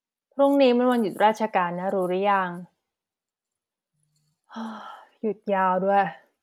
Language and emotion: Thai, frustrated